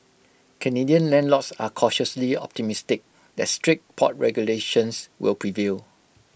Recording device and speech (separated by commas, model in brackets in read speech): boundary microphone (BM630), read sentence